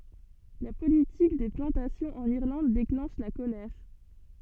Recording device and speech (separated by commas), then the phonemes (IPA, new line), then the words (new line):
soft in-ear microphone, read sentence
la politik de plɑ̃tasjɔ̃z ɑ̃n iʁlɑ̃d deklɑ̃ʃ la kolɛʁ
La politique des plantations en Irlande déclenche la colère.